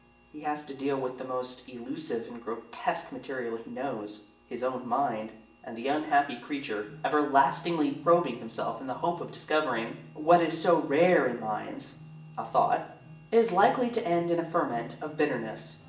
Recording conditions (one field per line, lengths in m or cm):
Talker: one person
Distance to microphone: 1.8 m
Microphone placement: close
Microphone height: 1.0 m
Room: large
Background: music